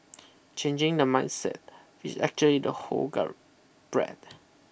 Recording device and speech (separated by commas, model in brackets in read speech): boundary microphone (BM630), read sentence